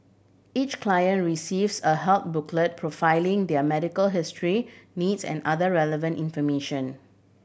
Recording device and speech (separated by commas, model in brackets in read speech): boundary microphone (BM630), read sentence